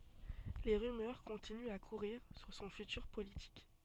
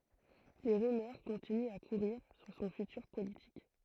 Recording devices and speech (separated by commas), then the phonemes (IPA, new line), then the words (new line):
soft in-ear microphone, throat microphone, read sentence
le ʁymœʁ kɔ̃tinyt a kuʁiʁ syʁ sɔ̃ fytyʁ politik
Les rumeurs continuent à courir sur son futur politique.